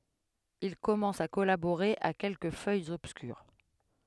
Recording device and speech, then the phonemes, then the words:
headset microphone, read sentence
il kɔmɑ̃s a kɔlaboʁe a kɛlkə fœjz ɔbskyʁ
Il commence à collaborer à quelques feuilles obscures.

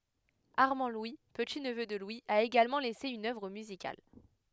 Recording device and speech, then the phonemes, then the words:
headset microphone, read sentence
aʁmɑ̃dlwi pətitnvø də lwi a eɡalmɑ̃ lɛse yn œvʁ myzikal
Armand-Louis, petit-neveu de Louis, a également laissé une œuvre musicale.

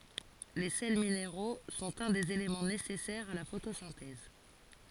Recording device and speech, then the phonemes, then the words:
forehead accelerometer, read sentence
le sɛl mineʁo sɔ̃t œ̃ dez elemɑ̃ nesɛsɛʁz a la fotosɛ̃tɛz
Les sels minéraux sont un des éléments nécessaires à la photosynthèse.

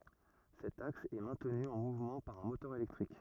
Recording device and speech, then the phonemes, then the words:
rigid in-ear microphone, read sentence
sɛt aks ɛ mɛ̃tny ɑ̃ muvmɑ̃ paʁ œ̃ motœʁ elɛktʁik
Cet axe est maintenu en mouvement par un moteur électrique.

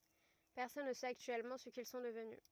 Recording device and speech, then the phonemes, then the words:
rigid in-ear microphone, read sentence
pɛʁsɔn nə sɛt aktyɛlmɑ̃ sə kil sɔ̃ dəvny
Personne ne sait actuellement ce qu'ils sont devenus.

